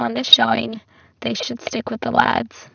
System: VC, spectral filtering